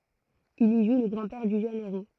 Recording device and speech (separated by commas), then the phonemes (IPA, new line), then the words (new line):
throat microphone, read sentence
il i ʒu lə ɡʁɑ̃dpɛʁ dy ʒøn eʁo
Il y joue le grand-père du jeune héros.